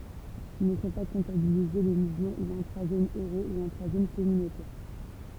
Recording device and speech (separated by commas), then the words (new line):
temple vibration pickup, read sentence
Ne sont pas comptabilisés les mouvements ou intra-Zone Euro ou intra-zone communautaire.